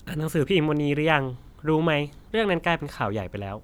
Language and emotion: Thai, neutral